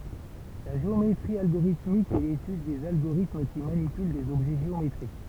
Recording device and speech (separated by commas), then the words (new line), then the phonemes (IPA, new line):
temple vibration pickup, read sentence
La géométrie algorithmique est l'étude des agorithmes qui manipulent des objets géométriques.
la ʒeometʁi alɡoʁitmik ɛ letyd dez aɡoʁitm ki manipyl dez ɔbʒɛ ʒeometʁik